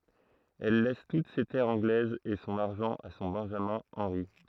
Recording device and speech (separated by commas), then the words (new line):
throat microphone, read sentence
Elle laisse toutes ses terres anglaises et son argent à son benjamin Henri.